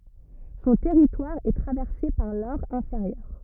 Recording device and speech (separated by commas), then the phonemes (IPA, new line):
rigid in-ear microphone, read sentence
sɔ̃ tɛʁitwaʁ ɛ tʁavɛʁse paʁ lɔʁ ɛ̃feʁjœʁ